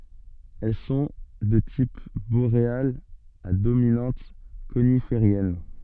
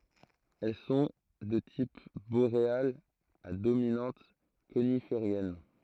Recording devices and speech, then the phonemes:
soft in-ear microphone, throat microphone, read sentence
ɛl sɔ̃ də tip boʁealz a dominɑ̃t konifeʁjɛn

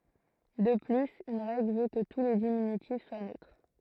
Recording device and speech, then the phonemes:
throat microphone, read sentence
də plyz yn ʁɛɡl vø kə tu le diminytif swa nøtʁ

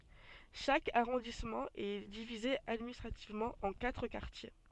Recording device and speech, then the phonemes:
soft in-ear microphone, read sentence
ʃak aʁɔ̃dismɑ̃ ɛ divize administʁativmɑ̃ ɑ̃ katʁ kaʁtje

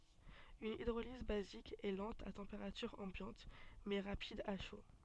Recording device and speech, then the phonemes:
soft in-ear microphone, read sentence
yn idʁoliz bazik ɛ lɑ̃t a tɑ̃peʁatyʁ ɑ̃bjɑ̃t mɛ ʁapid a ʃo

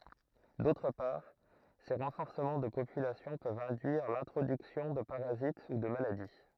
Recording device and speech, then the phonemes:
throat microphone, read sentence
dotʁ paʁ se ʁɑ̃fɔʁsəmɑ̃ də popylasjɔ̃ pøvt ɛ̃dyiʁ lɛ̃tʁodyksjɔ̃ də paʁazit u də maladi

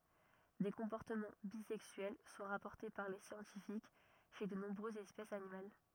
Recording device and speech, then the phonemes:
rigid in-ear microphone, read sentence
de kɔ̃pɔʁtəmɑ̃ bizɛksyɛl sɔ̃ ʁapɔʁte paʁ le sjɑ̃tifik ʃe də nɔ̃bʁøzz ɛspɛsz animal

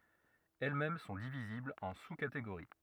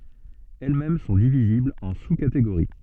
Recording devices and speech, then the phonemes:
rigid in-ear microphone, soft in-ear microphone, read sentence
ɛl mɛm sɔ̃ diviziblz ɑ̃ su kateɡoʁi

